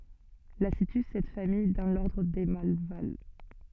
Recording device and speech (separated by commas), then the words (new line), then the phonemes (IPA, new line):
soft in-ear microphone, read sentence
La situe cette famille dans l'ordre des Malvales.
la sity sɛt famij dɑ̃ lɔʁdʁ de malval